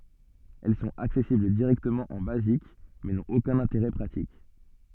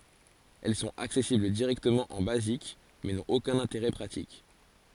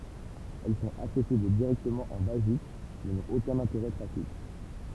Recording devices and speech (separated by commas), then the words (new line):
soft in-ear microphone, forehead accelerometer, temple vibration pickup, read sentence
Elles sont accessibles directement en Basic, mais n'ont aucun intérêt pratique.